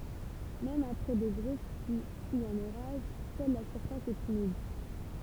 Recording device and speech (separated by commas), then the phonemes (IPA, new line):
temple vibration pickup, read sentence
mɛm apʁɛ də ɡʁos plyi u œ̃n oʁaʒ sœl la syʁfas ɛt ymid